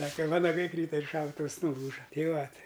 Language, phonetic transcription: Lithuanian, ˈsaka ˈvanagai ˈkryta ir ˈšautuvs nuˈlūža ˈtei ˈva ˈtai

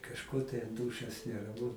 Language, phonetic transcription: Lithuanian, kažˈko tai anˈdūšios neraˈmu

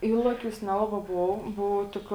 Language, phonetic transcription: Lithuanian, ˈylaˌkiūs ˈnelaˌbā ˈbov ˈbov ˈtik

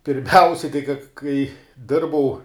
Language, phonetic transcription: Lithuanian, pirˈmiausia kai ka kai ˈdirbau

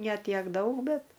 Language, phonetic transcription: Lithuanian, ne ˈtiek ˈdaug ˈbet

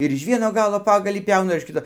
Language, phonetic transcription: Lithuanian, ir iž ˈvieno ˈgalo ˈpagalį ˈpiauna ir iš ˈkito

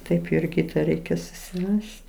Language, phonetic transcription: Lithuanian, ˈtaip ir ˈkyta ˈreikia susiˈrast'

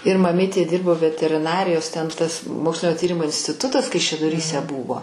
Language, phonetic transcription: Lithuanian, ir maˈmytė ˈdyrbo veteriˈnarijos ten ˈtas ˈmokslinio ˈtyrimo instiˈtutas kaišiadoˈryse ˈbūvo

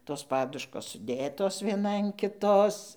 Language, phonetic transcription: Lithuanian, ˈtos ˈpaduškos suˈdėtos vieˈna an kiˈtos

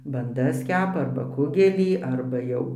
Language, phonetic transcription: Lithuanian, banˈdas ˈkepa ˈarba ˈkugelį ˈarba jau

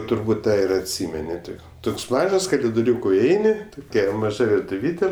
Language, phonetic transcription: Lithuanian, turˈbūt ˈtą ir atˈsymeni ˈtik ˈtoks ˈmažas kalidoˈriūko iˈeini toˈkia maˈža virtuˈvytė

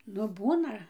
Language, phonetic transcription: Lithuanian, ˈnu ˈbūna

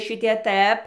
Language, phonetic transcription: Lithuanian, ˈšitie ˈtɘp

